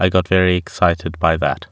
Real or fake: real